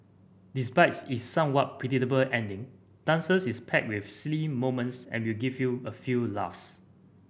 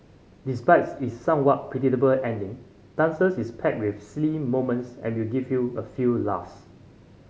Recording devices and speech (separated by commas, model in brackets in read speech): boundary microphone (BM630), mobile phone (Samsung C5010), read sentence